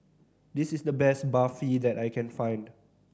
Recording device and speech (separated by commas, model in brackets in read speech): standing microphone (AKG C214), read sentence